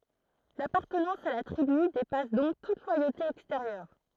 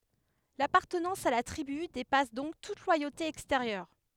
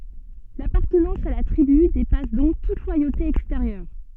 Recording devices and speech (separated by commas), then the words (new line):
throat microphone, headset microphone, soft in-ear microphone, read sentence
L'appartenance à la tribu dépasse donc toute loyauté extérieure.